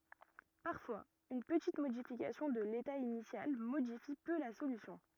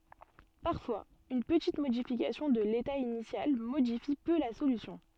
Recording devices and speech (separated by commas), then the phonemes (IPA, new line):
rigid in-ear microphone, soft in-ear microphone, read sentence
paʁfwaz yn pətit modifikasjɔ̃ də leta inisjal modifi pø la solysjɔ̃